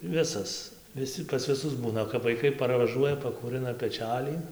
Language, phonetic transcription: Lithuanian, ˈvisas viˈsi pas viˈsus ˈbūna kap vaiˈkai parvaˈžuoja pakūˈrɨna peˈčælį

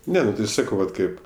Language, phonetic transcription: Lithuanian, ˈne nu tai ˈsakau ˈvat ˈkaip

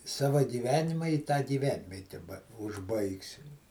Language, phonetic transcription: Lithuanian, ˈsava gyˈvenima i tą gyˈvenviete ba užˈbaigsim

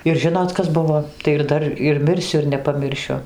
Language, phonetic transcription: Lithuanian, ir ˈžinot ˈkas ˈbuvo tai ir ˈdar ir ˈmirsiu ir nepaˈmiršiu

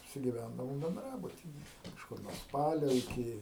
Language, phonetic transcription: Lithuanian, apsigiˈvændavom benˈdrabutije kažˈkur nuo ˈspalio iˈki

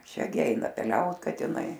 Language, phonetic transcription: Lithuanian, ˈšia gi ˈeina peˈliaut katiˈnai

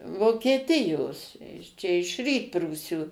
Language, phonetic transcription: Lithuanian, vokieˈtijos čia iš ˈrytprūsių

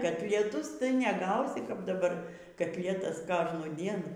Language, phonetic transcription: Lithuanian, katlieˈtus tai neˈgausi kap daˈbar katˈlietas ˈkožnųdien

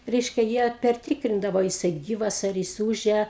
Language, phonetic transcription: Lithuanian, ˈreiškia jie perˈtykrindavo a jiˈsai ˈgyvas ar ˈjis ˈūžia

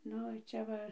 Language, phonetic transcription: Lithuanian, ˈnu ˈčia va

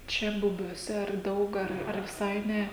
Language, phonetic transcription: Lithuanian, ˈčia bubiuoˈse ar ˈdaug ˈar ar viˈsai ˈne

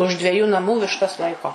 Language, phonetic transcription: Lithuanian, už dveˈjų naˈmų višˈtas ˈlaiko

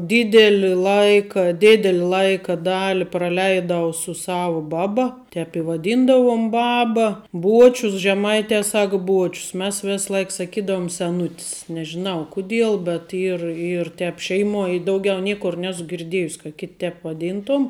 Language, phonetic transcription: Lithuanian, ˈdideli ˈlaika ˈdėdeli ˈlaika ˈdali praˈleidau su ˈsavu ˈbaˌba ˈtep i vaˈdyndavum ˈbaba ˈbuočius žeˈmaite ˈsak ˈbuočius mes ˈvėsˌlaik saˈkydavum seˈnutis nežiˈnau ˈkuˌdiel bet ˈyr ˈyr ˈtep ˈšeiˌmuoj i ˈdaugiau ˈniekur ˈnesu girˈdiejus' ka kit' tep vaˈdyntom

